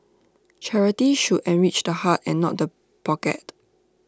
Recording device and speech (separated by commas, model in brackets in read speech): standing microphone (AKG C214), read sentence